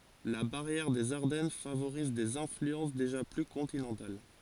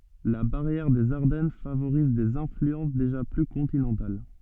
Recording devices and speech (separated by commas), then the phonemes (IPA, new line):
forehead accelerometer, soft in-ear microphone, read sentence
la baʁjɛʁ dez aʁdɛn favoʁiz dez ɛ̃flyɑ̃s deʒa ply kɔ̃tinɑ̃tal